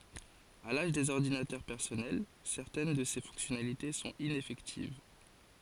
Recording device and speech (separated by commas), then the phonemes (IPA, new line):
forehead accelerometer, read sentence
a laʒ dez ɔʁdinatœʁ pɛʁsɔnɛl sɛʁtɛn də se fɔ̃ksjɔnalite sɔ̃t inɛfɛktiv